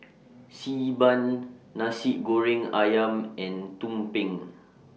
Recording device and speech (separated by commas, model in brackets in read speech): mobile phone (iPhone 6), read sentence